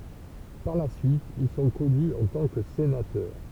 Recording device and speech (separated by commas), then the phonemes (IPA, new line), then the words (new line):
temple vibration pickup, read sentence
paʁ la syit il sɔ̃ kɔny ɑ̃ tɑ̃ kə senatœʁ
Par la suite, ils sont connus en tant que sénateurs.